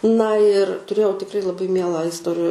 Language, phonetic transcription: Lithuanian, na ir tuˈrėjau tikˈrai laˈbai ˈmielą isˈtori

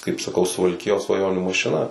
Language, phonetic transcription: Lithuanian, kaip saˈkau suvalˈkijos svaˈjonių mašiˈna

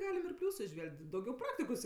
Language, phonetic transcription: Lithuanian, ˈgalim ir ˈpliūsu iˈžvelg't' dauˈgiau ˈpraktikos

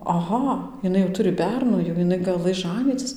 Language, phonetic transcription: Lithuanian, aˈha iˈnai jau ˈturi ˈbernų jau jiˈnai gaˈlɘs ˈžanycis

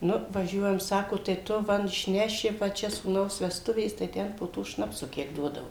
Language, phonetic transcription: Lithuanian, ˈnu vaˈžiuojam ˈsako tai ˈtu ˈva išˈneši va ˈčia sūˈnaus vesˈtuvės tai ˈten po ˈto ˈšnapsu ˈkiek ˈduodavo

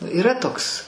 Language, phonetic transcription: Lithuanian, yˈra ˈtoks

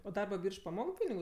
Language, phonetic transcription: Lithuanian, o darba ˈbyrž paˈmok ˈpinigu

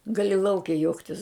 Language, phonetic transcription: Lithuanian, ˈgali ˈlauke ˈjuoktis

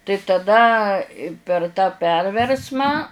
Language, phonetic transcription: Lithuanian, tai taˈda per tą ˈperversmą

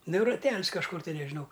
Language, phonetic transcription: Lithuanian, ˈnu raˈtel's kažˈkur tai nežiˈnau

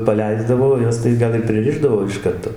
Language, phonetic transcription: Lithuanian, paˈleisdavo o ˈjas tai ˈgal ir priˈrišdavo iš ˈkarto

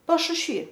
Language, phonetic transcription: Lithuanian, pašušˈvy

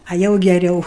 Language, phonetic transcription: Lithuanian, a ˈjau geˈriau

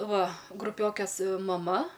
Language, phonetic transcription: Lithuanian, ˈva gruˈpiokės maˈma

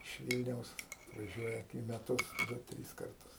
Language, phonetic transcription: Lithuanian, iš ˈvylniaus atvaˈžiuoja į meˈtus ˈdu ˈtrys ˈkartus

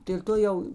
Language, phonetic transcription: Lithuanian, dėl' ˈto jau

